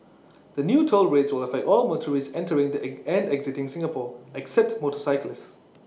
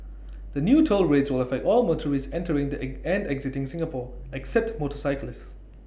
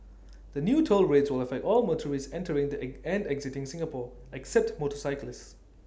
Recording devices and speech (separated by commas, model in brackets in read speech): mobile phone (iPhone 6), boundary microphone (BM630), standing microphone (AKG C214), read sentence